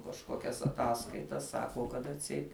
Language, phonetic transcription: Lithuanian, kažˈkokias aˈtaskaitas ˈsako kad atˈseit

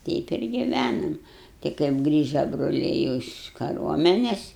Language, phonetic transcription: Lithuanian, ˈteip ir giˈvænam ti kaip ˈgrįža broˈliai jau iš kaˈruomenes

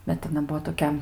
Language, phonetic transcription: Lithuanian, ˈbet aˈna ˈbuo toˈkia

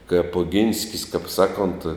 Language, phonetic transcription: Lithuanian, kaip oˈginskis kap ˈsaˌkont

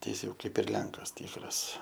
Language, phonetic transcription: Lithuanian, tai ˈjis jau ˈkaip ir ˈlenkas ˈtykras

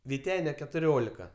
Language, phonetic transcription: Lithuanian, viˈtene ketuˈriolika

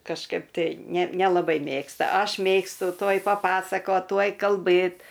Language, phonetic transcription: Lithuanian, kažˈkaip tai ˈne nelaˈbai ˈmėgsta ˈaš ˈmėgstu ˈtuoj paˈpasakot ˈtuoj kalˈbɘt

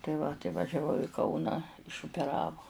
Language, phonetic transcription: Lithuanian, tai ˈva tai važiaˈvau i ˈkauną išupeˈravo

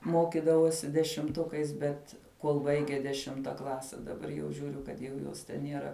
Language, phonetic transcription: Lithuanian, ˈmokidavosi dešimˈtukais ˈbet kuol ˈbaige deˈšimta ˈklase daˈbar jau žiuˈriu kad jau ˈjos ten nieˈra

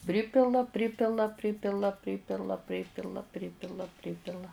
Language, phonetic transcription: Lithuanian, ˈpripila ˈpripila ˈpripila ˈpripila ˈpripila ˈpripila ˈpripila

